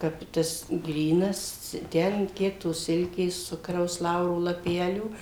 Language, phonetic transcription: Lithuanian, ˈkap tas ˈgrynas ˈten ˈkiek tos ˈsilkės ˈcukraus ˈlauro laˈpelių

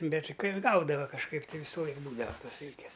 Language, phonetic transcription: Lithuanian, ˈbet' ˈkai ˈgaudava kažˈkaip tai ˈvysu ˈlaik ˈbūdava ˈtos ˈsilkės

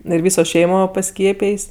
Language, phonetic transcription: Lithuanian, ir ˈvyso ˈšeimo paˈskiepėjs'

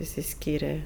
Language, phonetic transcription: Lithuanian, išsiˈskyre

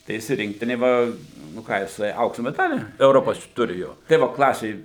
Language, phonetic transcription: Lithuanian, tai ˈjis i ˈrinktinė ˈva nu ˈką jiˈsai ˈauksu meˈdalį euˈropos ˈturi ˈjo tai ˈvo ˈklasė

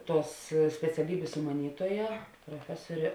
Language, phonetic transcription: Lithuanian, ˈtuos speciaˈlybės sumaˈnytuoja proˈfesorė

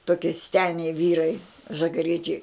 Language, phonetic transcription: Lithuanian, toˈkie ˈseniai ˈvyrai žagaˈriečiai

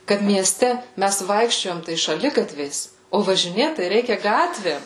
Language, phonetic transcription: Lithuanian, kad mieˈste ˈmæs ˈvaikščiojam tai šaˈligatviais o važiˈnėt tai ˈreikia ˈgatvėm

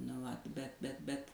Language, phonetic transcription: Lithuanian, nu ˈvat bet bet bet

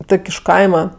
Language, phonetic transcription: Lithuanian, ˈtok' iš ˈkaima

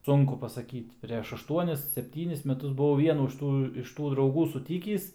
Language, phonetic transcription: Lithuanian, ˈsunku pasaˈkyt' preš ašˈtuonis sepˈtynis meˈtus buˈvau vieˈnų iš ˈtų iš ˈtų drauˈgų suˈtykįs

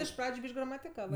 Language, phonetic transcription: Lithuanian, iš ˈpradžiu ˈbyš'k' gramatiˈkavɜ

